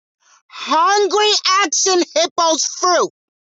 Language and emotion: English, angry